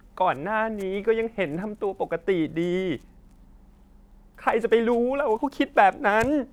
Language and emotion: Thai, sad